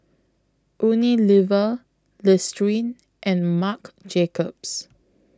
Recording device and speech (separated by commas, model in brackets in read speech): close-talking microphone (WH20), read sentence